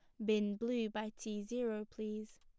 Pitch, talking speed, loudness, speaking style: 215 Hz, 175 wpm, -40 LUFS, plain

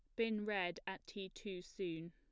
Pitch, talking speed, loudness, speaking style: 190 Hz, 190 wpm, -43 LUFS, plain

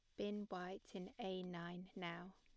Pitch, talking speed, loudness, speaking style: 185 Hz, 165 wpm, -49 LUFS, plain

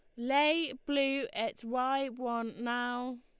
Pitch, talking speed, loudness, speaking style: 255 Hz, 120 wpm, -33 LUFS, Lombard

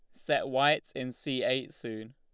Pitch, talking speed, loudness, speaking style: 130 Hz, 185 wpm, -31 LUFS, Lombard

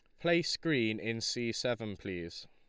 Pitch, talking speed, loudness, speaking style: 115 Hz, 160 wpm, -34 LUFS, Lombard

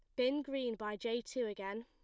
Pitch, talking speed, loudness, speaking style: 235 Hz, 220 wpm, -39 LUFS, plain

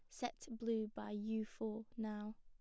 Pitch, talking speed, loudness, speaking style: 220 Hz, 165 wpm, -45 LUFS, plain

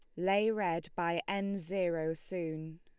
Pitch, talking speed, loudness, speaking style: 175 Hz, 140 wpm, -34 LUFS, Lombard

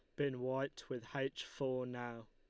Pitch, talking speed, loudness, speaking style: 130 Hz, 170 wpm, -42 LUFS, Lombard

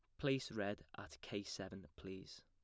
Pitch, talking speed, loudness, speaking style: 95 Hz, 160 wpm, -46 LUFS, plain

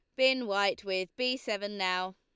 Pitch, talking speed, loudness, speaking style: 200 Hz, 185 wpm, -31 LUFS, Lombard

